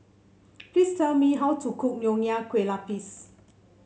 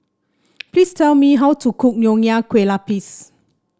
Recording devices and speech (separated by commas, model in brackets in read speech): mobile phone (Samsung C7), standing microphone (AKG C214), read sentence